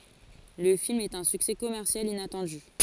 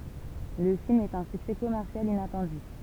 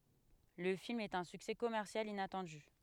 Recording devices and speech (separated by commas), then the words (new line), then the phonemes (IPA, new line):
forehead accelerometer, temple vibration pickup, headset microphone, read sentence
Le film est un succès commercial inattendu.
lə film ɛt œ̃ syksɛ kɔmɛʁsjal inatɑ̃dy